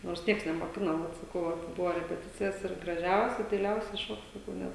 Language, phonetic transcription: Lithuanian, nors ˈnieks nemoˈkino ˈvat saˈkau ˈva ˈbuvo repeˈticijas ir graˈžiausia daiˈliausia ˈšok saˈkau ˈnet

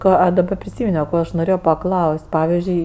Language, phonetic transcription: Lithuanian, ˈką a daˈba priˈsyminio ˈko aš noˈrėjo paˈklaus't' ˈpavizdžiui

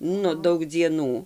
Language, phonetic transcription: Lithuanian, ˈnu ˈdaug dzieˈnų

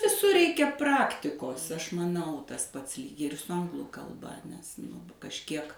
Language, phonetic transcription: Lithuanian, viˈsur ˈreikia ˈpraktikos ˈaš maˈnau ˈtas ˈpats lyg ir su ˈanglu kalˈba nes ˈnu kažˈkiek

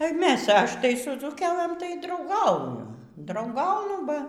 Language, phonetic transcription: Lithuanian, ˈmes ˈaš' ˈtai su dzūˈkelɘm tai drauˈgauju drauˈgaunu ˈba

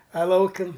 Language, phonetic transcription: Lithuanian, a ˈlaukim

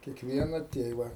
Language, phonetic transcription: Lithuanian, kiekˈviena ˈtėva

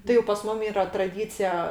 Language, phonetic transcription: Lithuanian, tai jau pas ˈmum ˈyra traˈdycija

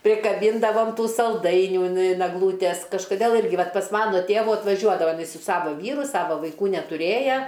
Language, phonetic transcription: Lithuanian, prikaˈbyndavam ˈtų salˈdainių in in egˈlūtes kažkoˈdėl ˈirgi ˈvat pas ˈmano ˈtėvu atvaˈžiuodava iˈnai su ˈsavo ˈvyru ˈsavo vaiˈkų netuˈrėja

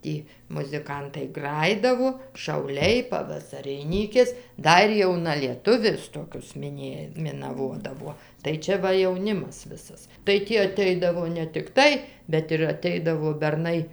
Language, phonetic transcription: Lithuanian, ˈtį muziˈkantai ˈgrajidavo šauˈliai pavasariˈnykės ˈdar jaunalieˈtuvius ˈtokius miˈnėj minaˈvodavuo tai ˈčia ˈva jauˈnimas ˈvisas tai ˈtį aˈteidavo ne tikˈtai bet ir aˈteidavo berˈnai

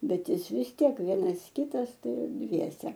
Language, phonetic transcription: Lithuanian, ˈbet ˈjis vis ˈtiek ˈvienas ˈkitas ˈtai ir ˈdviese

